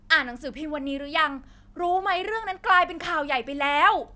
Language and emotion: Thai, angry